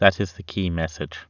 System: none